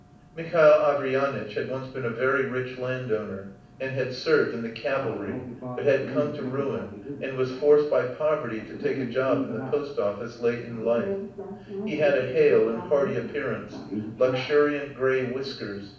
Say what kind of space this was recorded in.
A mid-sized room (about 5.7 m by 4.0 m).